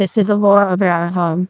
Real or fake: fake